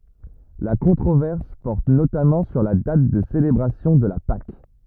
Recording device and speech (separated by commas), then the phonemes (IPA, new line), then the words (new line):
rigid in-ear microphone, read sentence
la kɔ̃tʁovɛʁs pɔʁt notamɑ̃ syʁ la dat də selebʁasjɔ̃ də la pak
La controverse porte notamment sur la date de célébration de la Pâques.